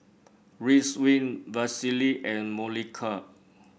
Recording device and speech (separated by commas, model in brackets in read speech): boundary microphone (BM630), read sentence